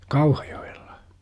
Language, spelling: Finnish, Kauhajoella
- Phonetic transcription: KauhAJO₍ELLA .

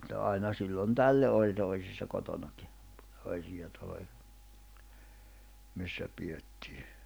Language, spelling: Finnish, mutta aina silloin tällöin oli toisissa kotonakin toisia taloja missä pidettiin
- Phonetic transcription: ᵐᵘᵗta aina sillon "tällö oĺ 'toisissa 'kotonaki , 'toisija taloja , missä 'piʲettii .

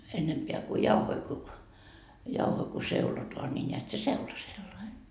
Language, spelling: Finnish, ennempää kun jauhoja kun jauhoja kun seulotaan niin näet se seula sellainen
- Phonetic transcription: 'ennempeä ku "jauhoi ku , 'jauhoi ku 'seulotoa ńi ńeät se "seula sellai .

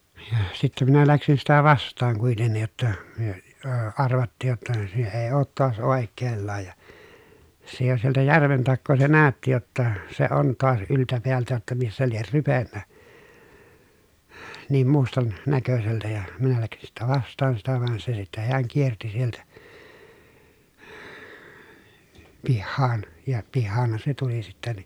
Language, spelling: Finnish, ja sitten minä lähdin sitä vastaan kuitenkin jotta me - arvattiin jotta se ei ole taas oikeallaan ja se jo sieltä järven takaa se näytti jotta se on taas yltä päältä jotta missä lie rypenyt niin - mustannäköiseltä ja minä lähdin sitten vastaan sitä vaan se sitten hän kiersi sieltä pihaan ja pihaanhan se tuli sitten niin
- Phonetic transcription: ja sittɛ minä läksin sitä vast̆taaŋ kuitennij jotta , myö , əə arvattiij jotta , se ee oot toas òekkeellaaj ja , se jo sieltä järven takkoo se nä̀ötti jotta , se on toas yltä peältä jotta missä lier rypennä , niim mustan- , -näköseltä ja , minä läksin sittä vast̆taan sitä van se sittä heäŋ kierti sieltä , pihhaan , ja pihhaanhan se tuli sittä ni .

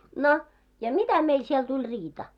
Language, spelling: Finnish, no ja mitä meille siellä tuli riita
- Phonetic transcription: 'no , ja "mitä 'meil siel 'tuĺ 'riita .

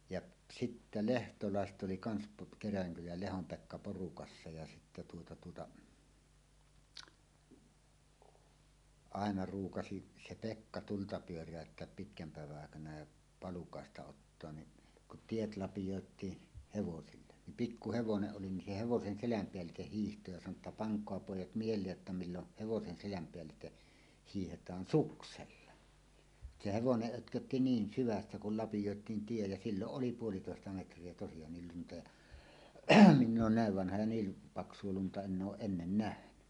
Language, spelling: Finnish, ja sitten lehtolaiset oli kanssa - Kerälänkylän ja Lehdon Pekka porukassa ja sitten tuota tuota aina ruukasi se Pekka tulta pyöräyttää pitkän päivän aikana ja palukaista ottaa niin kun tiet lapioitiin hevosille niin pikku hevonen oli niin se hevosen selän päällitse hiihti ja sanoi jotta pankaa pojat mieleen jotta milloin hevosen selän päällitse hiihdetään suksella se hevonen pötkötti niin syvässä kun lapioitiin tie ja silloin oli puolitoista metriä tosiaan lunta ja minä olen näin vanha ja niin paksua lunta en ole ennen nähnyt
- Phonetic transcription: jaˀ , 'sittä "lehtolàeset ’oli kans po- "Keräläŋkyläj ja "Lehom 'Pekka 'porukassa ja sittä tuota tuota , "àena 'ruukasi , "se Pekka tulta pyör̀ä̀ötteäp pitkäm pä̀evä’ ’àekana ja , 'palukàesta 'ottoan ni , ku’ , "tiet 'lapijòet̀ii , "hevosille , nim "pikku 'hevoneˀ 'ˀoli nin se 'hevosen "seläm 'peäl̆liteh 'hiihto ja sano ‿tta » paŋk̀oa 'pòij̆jat "miel̀eej jotta milloʰ 'hevosen seläm peällite , 'hiihet̀aan "suksella « se "hevoneˀ 'ˀötkötti "niin "syvässä kul lapijòet̀iin tie ja 'silloˀ "ˀoli "puolitòesta metr̀ie tosijaannil 'lunta ja , 'minn ‿oon "nä̀ev 'vanha ja 'niil , 'paks̀uo lunta 'enn ‿ooˀ "ˀennen "nähny .

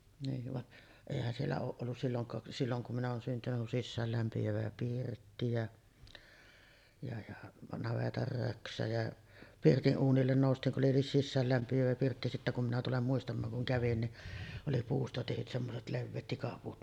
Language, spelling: Finnish, niin vaan eihän siellä ole ollut silloinkaan silloin kun minä olen syntynyt kuin sisäänlämpiävä pirtti ja ja ja navetan röksä ja pirtin uunille noustiin kun oli sisäänlämpiävä pirtti sitten kun minä tulen muistamaan kun kävin niin oli puusta tehdyt semmoiset leveät tikapuut
- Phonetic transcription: niiv vaˀ , èihän siellä "ooˀ 'ˀollus silloŋkaa , silloŋ kum minä oon syntynyk kun "sissäällämpi₍ävä 'pirtti jä , ja ja 'navetar 'röksä jä , "pirti’ '’uunillen nòustiiŋ ku’ ’oli "sissäällämpi₍ävä 'pirtti sittä kum minä tulem 'muistam̆maaŋ kuŋ 'kävin ni , oli 'puusta tehyt semmoset "levveet 'tikapuut .

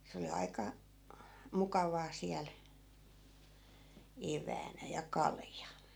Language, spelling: Finnish, se oli aika mukavaa siellä eväänä ja kalja
- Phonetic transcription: se oli 'ai̮ka- , 'mukavaa 'siäl , 'ev̀äänä ja "kalja .

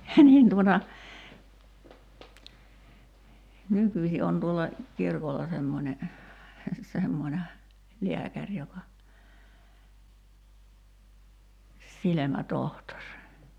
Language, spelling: Finnish, niin tuota nykyisin on tuolla kirkolla semmoinen semmoinen lääkäri joka silmätohtori
- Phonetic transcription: 'niin tuota , 'nykyśi on tuolla , 'kirkolla semmońe , 'semmońe , 'liäkäŕ joka , 'silemä"tohtor .

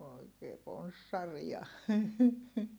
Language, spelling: Finnish, oikein ponssareita
- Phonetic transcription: oikee ponssaria .

